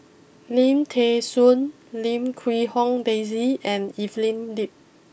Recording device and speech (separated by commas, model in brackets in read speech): boundary microphone (BM630), read sentence